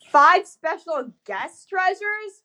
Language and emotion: English, disgusted